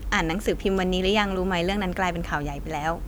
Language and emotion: Thai, neutral